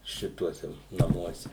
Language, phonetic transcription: Lithuanian, ˈšituose naˈmuose

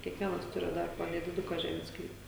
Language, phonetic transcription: Lithuanian, kiekˈvienas ˈturi ˈdar po nediˈduka ˈžemės ˈsklypa

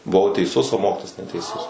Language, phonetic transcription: Lithuanian, buˈvau teiˈsus o ˈmokitojas neteiˈsus

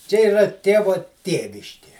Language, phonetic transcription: Lithuanian, čia iˈra ˈtėvo ˈtėviškė

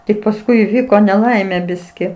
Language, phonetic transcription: Lithuanian, tik pasˈkui įˈvyko neˈlaimė ˈbiski

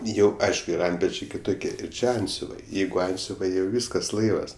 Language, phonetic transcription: Lithuanian, ˈjau ˈaišku ir ˈantpečiai kiˈtukie ˈir ˈči ˈantsiuvai ˈjeigu ˈantsiuvai jau ˈvyskas ˈlaivas

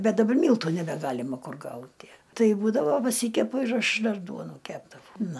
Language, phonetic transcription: Lithuanian, ˈbet daˈbar ˈmyltu nebeˈgalima ˈkur ˈgauti ˈtai ˈbūdavo paˈsykepu ir ˈaš ˈdar ˈduonų ˈkepdavau ˈnu

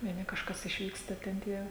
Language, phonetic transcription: Lithuanian, vieˈni kažˈkas išˈvyksta ten ˈtie

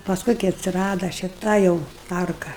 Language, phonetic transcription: Lithuanian, pasˈkui kai atsiˈrada šiˈta jau ˈtarka

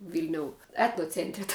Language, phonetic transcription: Lithuanian, ˈvilniou ˈetnocentri ta

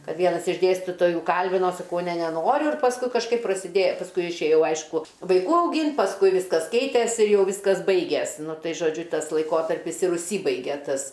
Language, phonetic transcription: Lithuanian, ˈkad ˈvienas iš ˈdėstytojų ˈkalbino saˈkau ne neˈnoriu ir pasˈkui kažˈkaip prasiˈdė pasˈkui išėˈjau ˈaišku vaiˈkų auˈgynt pasˈkui ˈviskas ˈkeitės ir ˈjau ˈvyskas ˈbaiges ˈnu ˈtai žoˈdžiu ˈtas laiˈkotarpis ir užˈsybaigė ˈtas

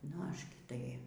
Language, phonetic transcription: Lithuanian, nu ˈaš ˈgi tai

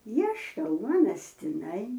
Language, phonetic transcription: Lithuanian, ˈieška ˈuonas tiˈnai

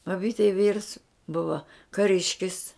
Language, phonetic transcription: Lithuanian, babytei vyrs ˈbuva kaˈriškis

